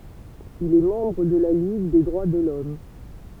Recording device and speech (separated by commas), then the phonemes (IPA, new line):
temple vibration pickup, read sentence
il ɛ mɑ̃bʁ də la liɡ de dʁwa də lɔm